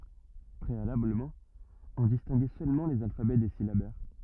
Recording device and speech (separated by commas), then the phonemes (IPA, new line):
rigid in-ear microphone, read sentence
pʁealabləmɑ̃ ɔ̃ distɛ̃ɡɛ sølmɑ̃ lez alfabɛ de silabɛʁ